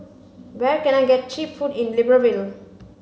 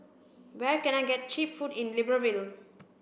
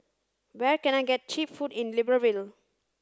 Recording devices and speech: mobile phone (Samsung C5), boundary microphone (BM630), standing microphone (AKG C214), read sentence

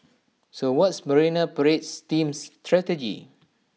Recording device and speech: mobile phone (iPhone 6), read sentence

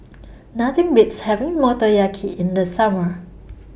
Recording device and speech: boundary microphone (BM630), read sentence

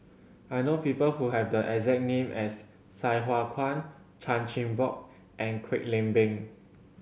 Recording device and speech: mobile phone (Samsung C7100), read sentence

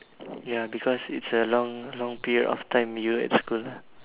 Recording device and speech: telephone, conversation in separate rooms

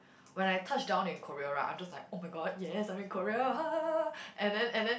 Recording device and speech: boundary microphone, conversation in the same room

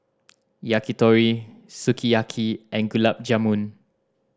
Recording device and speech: standing microphone (AKG C214), read sentence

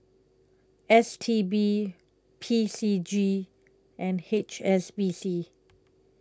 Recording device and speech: close-talking microphone (WH20), read sentence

